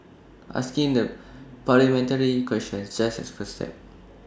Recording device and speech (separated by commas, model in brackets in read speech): standing microphone (AKG C214), read sentence